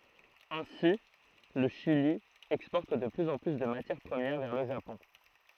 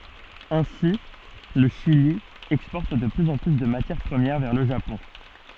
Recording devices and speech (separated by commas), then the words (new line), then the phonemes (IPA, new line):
throat microphone, soft in-ear microphone, read sentence
Ainsi, le Chili exporte de plus en plus de matières premières vers le Japon.
ɛ̃si lə ʃili ɛkspɔʁt də plyz ɑ̃ ply də matjɛʁ pʁəmjɛʁ vɛʁ lə ʒapɔ̃